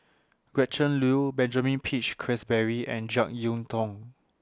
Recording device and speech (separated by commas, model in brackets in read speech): standing microphone (AKG C214), read sentence